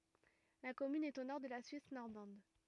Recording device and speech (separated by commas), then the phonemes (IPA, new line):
rigid in-ear microphone, read sentence
la kɔmyn ɛt o nɔʁ də la syis nɔʁmɑ̃d